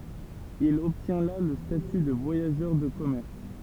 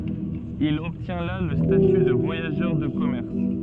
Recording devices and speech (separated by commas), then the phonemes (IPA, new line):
temple vibration pickup, soft in-ear microphone, read sentence
il ɔbtjɛ̃ la lə staty də vwajaʒœʁ də kɔmɛʁs